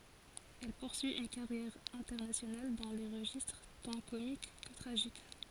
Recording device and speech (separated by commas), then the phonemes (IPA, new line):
forehead accelerometer, read sentence
ɛl puʁsyi yn kaʁjɛʁ ɛ̃tɛʁnasjonal dɑ̃ le ʁəʒistʁ tɑ̃ komik kə tʁaʒik